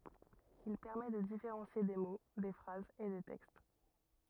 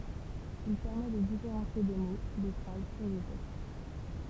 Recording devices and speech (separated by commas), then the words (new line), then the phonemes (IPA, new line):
rigid in-ear microphone, temple vibration pickup, read sentence
Il permet de différencier des mots, des phrases et des textes.
il pɛʁmɛ də difeʁɑ̃sje de mo de fʁazz e de tɛkst